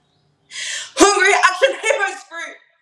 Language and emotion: English, fearful